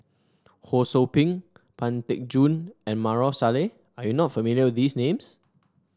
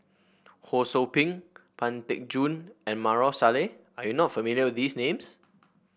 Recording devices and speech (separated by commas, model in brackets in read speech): standing microphone (AKG C214), boundary microphone (BM630), read sentence